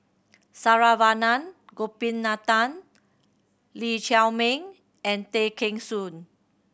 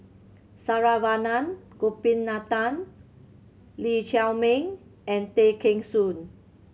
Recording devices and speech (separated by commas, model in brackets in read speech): boundary microphone (BM630), mobile phone (Samsung C7100), read sentence